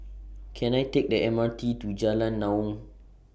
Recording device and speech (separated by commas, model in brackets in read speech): boundary microphone (BM630), read sentence